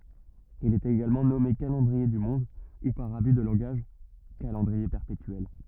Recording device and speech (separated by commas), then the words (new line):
rigid in-ear microphone, read sentence
Il est également nommé calendrier du Monde ou par abus de langage calendrier perpétuel.